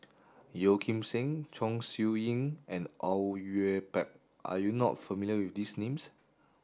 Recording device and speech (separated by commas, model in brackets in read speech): standing microphone (AKG C214), read sentence